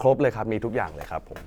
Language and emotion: Thai, neutral